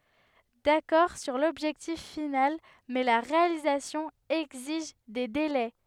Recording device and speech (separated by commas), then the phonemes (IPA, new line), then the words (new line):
headset microphone, read sentence
dakɔʁ syʁ lɔbʒɛktif final mɛ la ʁealizasjɔ̃ ɛɡziʒ de delɛ
D'accord sur l'objectif final, mais la réalisation exige des délais.